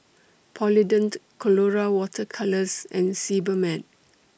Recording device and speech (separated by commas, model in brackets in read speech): boundary microphone (BM630), read sentence